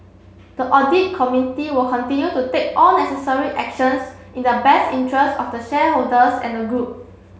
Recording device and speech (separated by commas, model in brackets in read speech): mobile phone (Samsung C7), read sentence